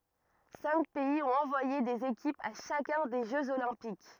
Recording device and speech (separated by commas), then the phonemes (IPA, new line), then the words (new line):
rigid in-ear microphone, read sentence
sɛ̃k pɛiz ɔ̃t ɑ̃vwaje dez ekipz a ʃakœ̃ de ʒøz olɛ̃pik
Cinq pays ont envoyé des équipes à chacun des Jeux olympiques.